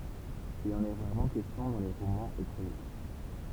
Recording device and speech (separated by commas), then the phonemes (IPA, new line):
temple vibration pickup, read sentence
il ɑ̃n ɛ ʁaʁmɑ̃ kɛstjɔ̃ dɑ̃ le ʁomɑ̃z e kʁonik